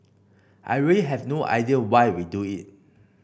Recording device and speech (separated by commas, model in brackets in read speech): boundary microphone (BM630), read sentence